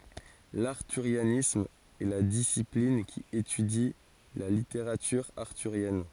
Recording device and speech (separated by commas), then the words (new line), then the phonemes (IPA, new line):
forehead accelerometer, read sentence
L’arthurianisme est la discipline qui étudie la littérature arthurienne.
laʁtyʁjanism ɛ la disiplin ki etydi la liteʁatyʁ aʁtyʁjɛn